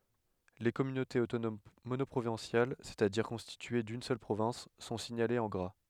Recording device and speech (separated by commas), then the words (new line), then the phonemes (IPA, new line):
headset microphone, read sentence
Les communautés autonomes monoprovinciales, c'est-à-dire constituées d'une seule province, sont signalées en gras.
le kɔmynotez otonom monɔpʁovɛ̃sjal sɛstadiʁ kɔ̃stitye dyn sœl pʁovɛ̃s sɔ̃ siɲalez ɑ̃ ɡʁa